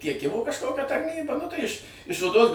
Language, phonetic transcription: Lithuanian, tieˈkimu kažˈkokia tarˈnyba nu tai iš iš oˈdos

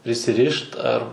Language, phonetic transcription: Lithuanian, prisiˈrišt ar

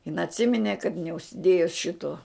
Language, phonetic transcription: Lithuanian, in atˈsiminė kad neužsiˈdėjus ˈšito

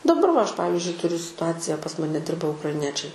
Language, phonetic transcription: Lithuanian, daˈbar va ˈaš ˈpavizdžiui tuˈriu situacija pas ˈmane ˈdirba ukraiˈniečiai

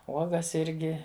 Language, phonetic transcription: Lithuanian, ˈuogas ˈirgi

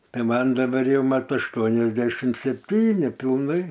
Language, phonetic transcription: Lithuanian, ˈtai ˈman daˈbar ˈjau ˈmat ašˈtuoniasdešim sepˈtyni pilˈnai

